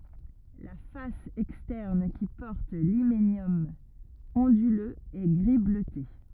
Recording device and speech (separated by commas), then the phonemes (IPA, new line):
rigid in-ear microphone, read sentence
la fas ɛkstɛʁn ki pɔʁt limenjɔm ɔ̃dyløz ɛ ɡʁi bløte